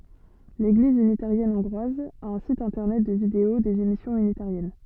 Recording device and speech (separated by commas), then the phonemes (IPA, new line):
soft in-ear microphone, read sentence
leɡliz ynitaʁjɛn ɔ̃ɡʁwaz a œ̃ sit ɛ̃tɛʁnɛt də video dez emisjɔ̃z ynitaʁjɛn